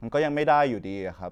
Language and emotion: Thai, frustrated